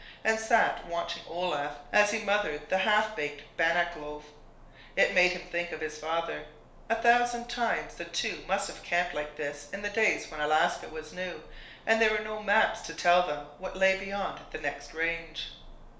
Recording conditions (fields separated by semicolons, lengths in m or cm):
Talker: one person; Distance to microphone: 1.0 m; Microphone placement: close; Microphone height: 1.1 m; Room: small (3.7 m by 2.7 m); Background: none